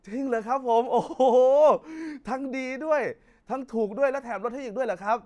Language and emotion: Thai, happy